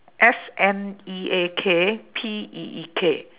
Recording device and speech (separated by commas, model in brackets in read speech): telephone, conversation in separate rooms